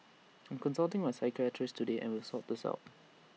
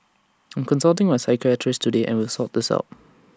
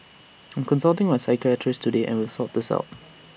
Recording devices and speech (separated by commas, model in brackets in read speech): mobile phone (iPhone 6), standing microphone (AKG C214), boundary microphone (BM630), read sentence